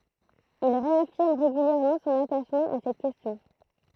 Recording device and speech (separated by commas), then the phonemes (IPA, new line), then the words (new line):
throat microphone, read sentence
il ʁeafiʁm ʁeɡyljɛʁmɑ̃ sɔ̃n ataʃmɑ̃ a sɛt kɛstjɔ̃
Il réaffirme régulièrement son attachement à cette question.